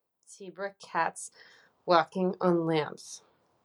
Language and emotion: English, disgusted